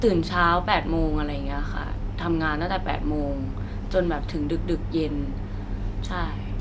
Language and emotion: Thai, neutral